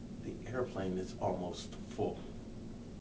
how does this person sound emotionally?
neutral